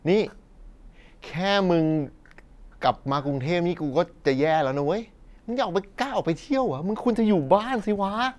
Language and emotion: Thai, frustrated